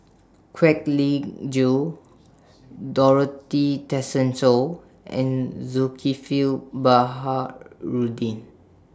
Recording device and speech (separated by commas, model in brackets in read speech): standing microphone (AKG C214), read sentence